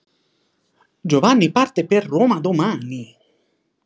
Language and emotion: Italian, surprised